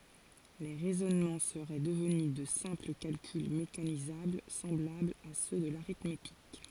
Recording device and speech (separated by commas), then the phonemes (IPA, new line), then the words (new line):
forehead accelerometer, read sentence
le ʁɛzɔnmɑ̃ səʁɛ dəvny də sɛ̃pl kalkyl mekanizabl sɑ̃blablz a sø də laʁitmetik
Les raisonnements seraient devenus de simples calculs mécanisables semblables à ceux de l'arithmétique.